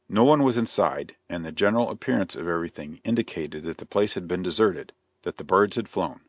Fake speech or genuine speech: genuine